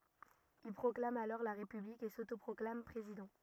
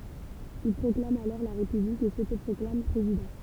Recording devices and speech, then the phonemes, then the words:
rigid in-ear microphone, temple vibration pickup, read sentence
il pʁɔklam alɔʁ la ʁepyblik e sotopʁɔklam pʁezidɑ̃
Il proclame alors la République et s’autoproclame président.

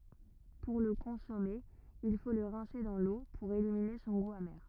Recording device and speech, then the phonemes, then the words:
rigid in-ear microphone, read sentence
puʁ lə kɔ̃sɔme il fo lə ʁɛ̃se dɑ̃ lo puʁ elimine sɔ̃ ɡu ame
Pour le consommer, il faut le rincer dans l'eau pour éliminer son goût amer.

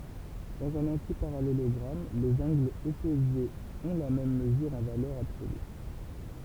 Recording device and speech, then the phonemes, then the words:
temple vibration pickup, read sentence
dɑ̃z œ̃n ɑ̃tipaʁalelɔɡʁam lez ɑ̃ɡlz ɔpozez ɔ̃ la mɛm məzyʁ ɑ̃ valœʁ absoly
Dans un antiparallélogramme, les angles opposés ont la même mesure en valeur absolue.

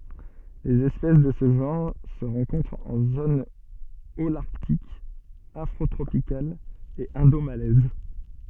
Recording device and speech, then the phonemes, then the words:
soft in-ear microphone, read sentence
lez ɛspɛs də sə ʒɑ̃ʁ sə ʁɑ̃kɔ̃tʁt ɑ̃ zon olaʁtik afʁotʁopikal e ɛ̃domalɛz
Les espèces de ce genre se rencontrent en zones holarctique, afrotropicale et indomalaise.

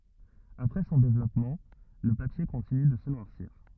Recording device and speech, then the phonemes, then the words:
rigid in-ear microphone, read sentence
apʁɛ sɔ̃ devlɔpmɑ̃ lə papje kɔ̃tiny də sə nwaʁsiʁ
Après son développement, le papier continue de se noircir.

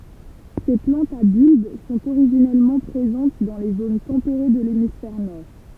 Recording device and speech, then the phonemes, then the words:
temple vibration pickup, read sentence
se plɑ̃tz a bylb sɔ̃t oʁiʒinɛlmɑ̃ pʁezɑ̃t dɑ̃ le zon tɑ̃peʁe də lemisfɛʁ nɔʁ
Ces plantes à bulbe sont originellement présentes dans les zones tempérées de l'hémisphère nord.

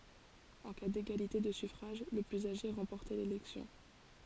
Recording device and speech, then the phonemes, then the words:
forehead accelerometer, read sentence
ɑ̃ ka deɡalite də syfʁaʒ lə plyz aʒe ʁɑ̃pɔʁtɛ lelɛksjɔ̃
En cas d'égalité de suffrages, le plus âgé remportait l'élection.

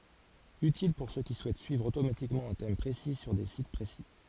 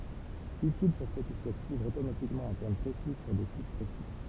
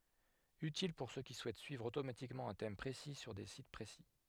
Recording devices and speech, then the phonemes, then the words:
forehead accelerometer, temple vibration pickup, headset microphone, read sentence
ytil puʁ sø ki suɛt syivʁ otomatikmɑ̃ œ̃ tɛm pʁesi syʁ de sit pʁesi
Utile pour ceux qui souhaitent suivre automatiquement un thème précis sur des sites précis.

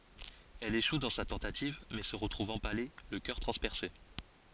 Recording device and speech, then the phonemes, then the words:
forehead accelerometer, read sentence
ɛl eʃu dɑ̃ sa tɑ̃tativ mɛ sə ʁətʁuv ɑ̃pale lə kœʁ tʁɑ̃spɛʁse
Elle échoue dans sa tentative, mais se retrouve empalée, le cœur transpercé.

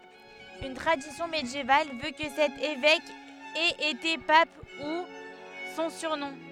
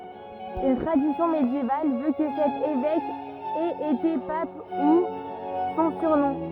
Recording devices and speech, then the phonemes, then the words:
headset microphone, rigid in-ear microphone, read sentence
yn tʁadisjɔ̃ medjeval vø kə sɛt evɛk ɛt ete pap du sɔ̃ syʁnɔ̃
Une tradition médiévale veut que cet évêque ait été pape, d'où son surnom.

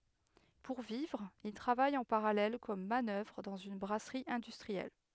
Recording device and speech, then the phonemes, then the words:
headset microphone, read sentence
puʁ vivʁ il tʁavaj ɑ̃ paʁalɛl kɔm manœvʁ dɑ̃z yn bʁasʁi ɛ̃dystʁiɛl
Pour vivre, il travaille en parallèle comme manœuvre dans une brasserie industrielle.

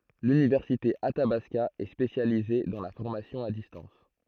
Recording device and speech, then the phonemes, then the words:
throat microphone, read sentence
lynivɛʁsite atabaska ɛ spesjalize dɑ̃ la fɔʁmasjɔ̃ a distɑ̃s
L'université Athabasca est spécialisée dans la formation à distance.

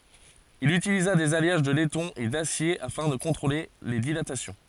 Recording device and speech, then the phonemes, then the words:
forehead accelerometer, read sentence
il ytiliza dez aljaʒ də lɛtɔ̃ e dasje afɛ̃ də kɔ̃tʁole le dilatasjɔ̃
Il utilisa des alliages de laiton et d'acier afin de contrôler les dilatations.

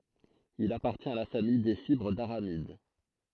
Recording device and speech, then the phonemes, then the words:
throat microphone, read sentence
il apaʁtjɛ̃t a la famij de fibʁ daʁamid
Il appartient à la famille des fibres d'aramides.

